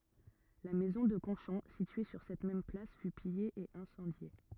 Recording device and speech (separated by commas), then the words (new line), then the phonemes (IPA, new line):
rigid in-ear microphone, read sentence
La maison de Conchon, située sur cette même place, fut pillée et incendiée.
la mɛzɔ̃ də kɔ̃ʃɔ̃ sitye syʁ sɛt mɛm plas fy pije e ɛ̃sɑ̃dje